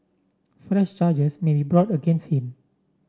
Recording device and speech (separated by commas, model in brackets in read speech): standing microphone (AKG C214), read sentence